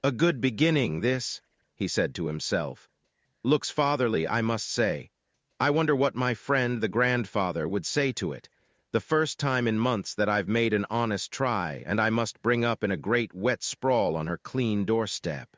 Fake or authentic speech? fake